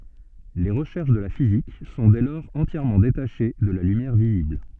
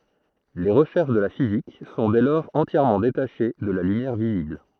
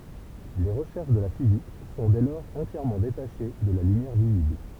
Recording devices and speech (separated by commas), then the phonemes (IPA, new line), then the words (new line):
soft in-ear microphone, throat microphone, temple vibration pickup, read sentence
le ʁəʃɛʁʃ də la fizik sɔ̃ dɛ lɔʁz ɑ̃tjɛʁmɑ̃ detaʃe də la lymjɛʁ vizibl
Les recherches de la physique sont dès lors entièrement détachées de la lumière visible.